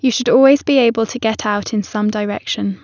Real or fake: real